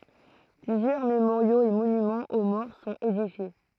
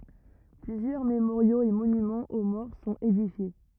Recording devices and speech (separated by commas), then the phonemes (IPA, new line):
throat microphone, rigid in-ear microphone, read sentence
plyzjœʁ memoʁjoz e monymɑ̃z o mɔʁ sɔ̃t edifje